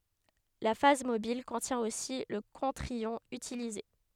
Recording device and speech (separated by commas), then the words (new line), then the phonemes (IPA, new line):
headset microphone, read sentence
La phase mobile contient aussi le contre-ion utilisé.
la faz mobil kɔ̃tjɛ̃ osi lə kɔ̃tʁ jɔ̃ ytilize